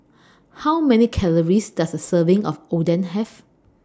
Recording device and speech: standing microphone (AKG C214), read sentence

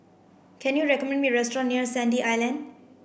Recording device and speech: boundary microphone (BM630), read sentence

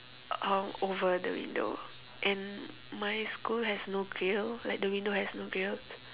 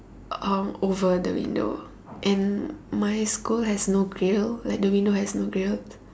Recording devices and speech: telephone, standing microphone, conversation in separate rooms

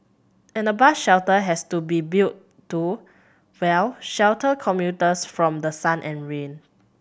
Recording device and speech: boundary microphone (BM630), read sentence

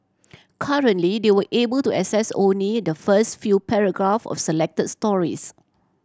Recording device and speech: standing microphone (AKG C214), read sentence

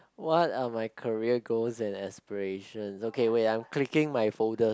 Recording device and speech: close-talking microphone, conversation in the same room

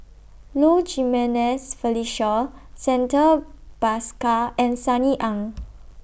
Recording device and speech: boundary microphone (BM630), read sentence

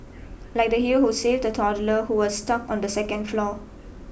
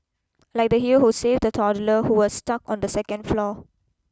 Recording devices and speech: boundary microphone (BM630), close-talking microphone (WH20), read sentence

